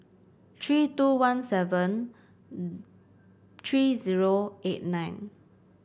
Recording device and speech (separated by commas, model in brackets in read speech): boundary microphone (BM630), read sentence